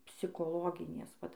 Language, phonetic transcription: Lithuanian, psikoˈloginės ˈvat

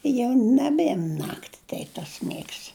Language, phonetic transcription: Lithuanian, i jau naˈbėm ˈnakti ˈteip tas ˈmėgs

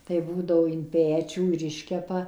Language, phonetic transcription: Lithuanian, tai ˈbūdavo in ˈpečių ir ˈiškepa

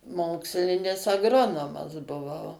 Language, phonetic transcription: Lithuanian, ˈmokslinis agˈronomas buˈvau

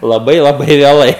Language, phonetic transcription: Lithuanian, laˈbai laˈbai vėˈlai

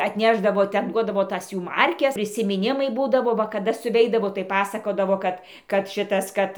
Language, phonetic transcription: Lithuanian, atˈnešdavo ˈten ˈduodavo ˈtas ˈjų ˈmarkes prisimiˈnimai ˈbūdavo ˈva kaˈda suˈveidavo tai ˈpasakodavo ˈkad kad ˈšitas ˈkad

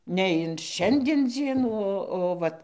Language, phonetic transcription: Lithuanian, ne in ˈšiandien ˈdzienų ˈo o ˈvat

